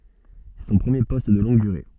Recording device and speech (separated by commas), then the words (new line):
soft in-ear microphone, read sentence
C'est son premier poste de longue durée.